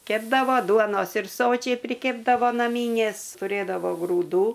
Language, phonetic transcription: Lithuanian, ˈkepdavo ˈduonos ir ˈsočiai priˈkėpdavo naˈmynės tuˈrėdavo grūˈdų

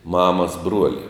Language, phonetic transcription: Lithuanian, ˈmamas ˈbruoli

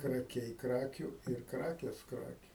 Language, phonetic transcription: Lithuanian, kraˈkiai ˈkrakių ir ˈkrakės ˈkrakių

